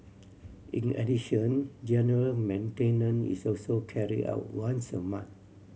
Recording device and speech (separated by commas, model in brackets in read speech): mobile phone (Samsung C7100), read sentence